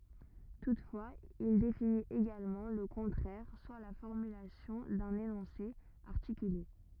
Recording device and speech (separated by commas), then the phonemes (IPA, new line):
rigid in-ear microphone, read sentence
tutfwaz il definit eɡalmɑ̃ lə kɔ̃tʁɛʁ swa la fɔʁmylasjɔ̃ dœ̃n enɔ̃se aʁtikyle